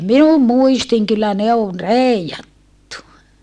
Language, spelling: Finnish, minun muistini kyllä ne on reijattu
- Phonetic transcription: minum muistiŋ kyllä ne on rei₍attu !

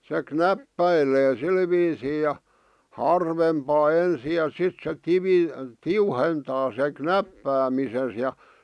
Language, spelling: Finnish, se knäppäilee sillä viisiin ja harvempaan ensin ja sitten se - tiuhentaa sen knäppäämisensä ja
- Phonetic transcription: se "knäppäilee 'sil viisii ja , "harvempaa 'ensi ja 'sit se "tivi- , "tiuhentaa se "knäppäämises ja .

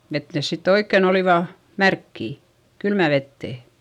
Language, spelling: Finnish, että ne sitten oikein olivat märkiä kylmään veteen
- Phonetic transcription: et nes sitt ‿oikken ‿olìva , märkkì , kylmä vettè .

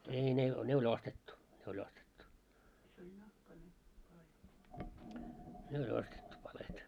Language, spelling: Finnish, ei ne ne oli ostettu se oli ostettu ne oli ostettu palkeet
- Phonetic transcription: ei ne , 'ne o'ĺ ‿ostettu , se o'ĺ ‿ostettu , 'ne o'ĺ ‿ostettu 'palet .

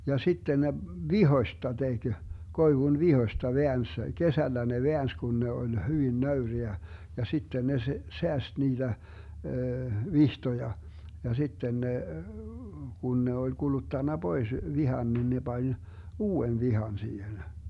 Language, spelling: Finnish, ja sitten ne vitsoista teki koivun vitsoista väänsi kesällä ne väänsi kun ne oli hyvin nöyriä ja sitten ne - säästi niitä vitsoja ja sitten ne kun ne oli kuluttanut pois vitsan niin ne pani uuden vitsan siihen
- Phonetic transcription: ja 'sitten ne , "vihoⁱsta 'teG , 'koivun "vihoⁱsta 'veäns , 'kesällä ne "veäns 'kun ne oĺ 'hyvin 'nöyriä , ja 'sitten ne s- , 'seäst niiDä , "vihtoja , ja 'sitten ne , 'kun ne oĺ 'Guluttanna "Bois 'vihan nin ne 'Bań , "uu₍en 'vihan siihen .

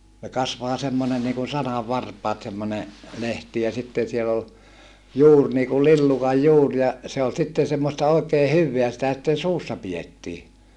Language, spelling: Finnish, - kasvaa semmoinen niin kuin sananvarpaat semmoinen lehti ja sitten siellä oli juuri niin kuin lillukan juuri ja se oli sitten semmoista oikein hyvää sitä sitten suussa pidettiin
- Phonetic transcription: ö kasvaa semmonen niikun sanavvarpaat semmone , lehti ja sitten̬ siel ‿ol , juur niikul lillukaj juur ja , se ol sitten̬ semmosta òi̮kee hyvveä sitä sitten suussa pijettii .

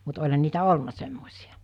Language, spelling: Finnish, mutta olihan niitä ollut semmoisia
- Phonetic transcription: mut oĺhan niitä "olna 'semmos̜ijᴀ .

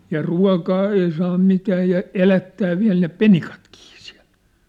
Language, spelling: Finnish, ja ruokaa ei saa mitään ja elättää vielä ne penikatkin siellä
- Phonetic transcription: ja 'rua̭kaa 'ei saa 'mitää ja , 'elättää 'viä̭l ne "penikatkii siä̭l .

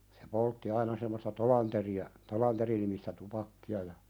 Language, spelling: Finnish, se poltti aina semmoista Tolanderia Tolander-nimistä tupakkaa ja
- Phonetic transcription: se 'poltti "aina semmosta "Tolanteri₍a , "Tolanterinimistä 'tupakki₍a ja ,.

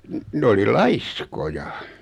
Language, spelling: Finnish, - ne oli laiskoja
- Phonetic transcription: n- , 'n ‿oli "laiskoja .

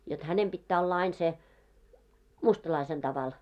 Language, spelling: Finnish, jotta hänen pitää olla aina sen mustalaisen tavalla
- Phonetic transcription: jot "hänem ʙittää olla 'ain se , 'mustalaisen 'taval .

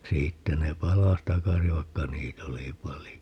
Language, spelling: Finnish, siitä ne palasi takaisin vaikka niitä oli paljon
- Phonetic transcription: 'siittä ne "palas 'takasi vaikka 'niit ‿oli "palijo .

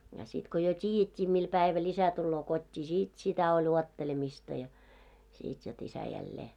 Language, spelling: Finnish, ja sitten kun jo tiedettiin millä päivällä isä tulee kotiin sitten sitä oli odottelemista ja sitten jotta isä jälleen
- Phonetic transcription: ja sit ko jo "t́iijet́t́ii 'mii 'päiväl isä tulloo kot́t́ii 'sit sitä oĺ 'uottelemista ja , 'sit jot isä jällee .

